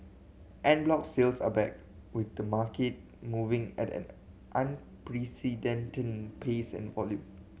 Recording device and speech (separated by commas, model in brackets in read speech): mobile phone (Samsung C7100), read sentence